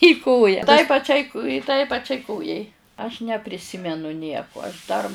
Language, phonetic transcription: Lithuanian, į ˈkoja tai paˈčiai tai paˈčiai ˈkojai aš nepriˈsimenu ˈnieku aš dar

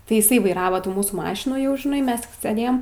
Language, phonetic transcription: Lithuanian, tai iˈsai vaiˈrava ˈtų ˈmūsų ˈmašinų jau žiˈnai ˈmes tik seˈdėjem

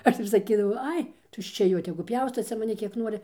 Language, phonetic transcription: Lithuanian, ˈaš ir saˈkydavau ˈai tuščia ˈjo tegu ˈpjausto ˈcia maˈni ˈkiek ˈnuori

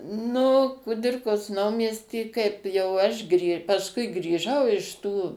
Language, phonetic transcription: Lithuanian, ˈnu kuˈdirkos ˈnaumiesty kaip jau ˈaš grį pasˈkui grįˈžau iš ˈtų

